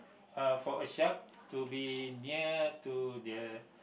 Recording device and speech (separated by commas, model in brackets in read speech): boundary microphone, conversation in the same room